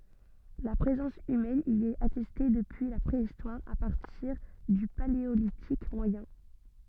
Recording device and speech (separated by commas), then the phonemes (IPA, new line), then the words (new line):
soft in-ear microphone, read sentence
la pʁezɑ̃s ymɛn i ɛt atɛste dəpyi la pʁeistwaʁ a paʁtiʁ dy paleolitik mwajɛ̃
La présence humaine y est attestée depuis la Préhistoire, à partir du Paléolithique moyen.